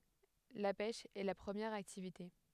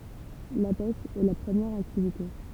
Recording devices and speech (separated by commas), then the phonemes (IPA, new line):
headset microphone, temple vibration pickup, read sentence
la pɛʃ ɛ la pʁəmjɛʁ aktivite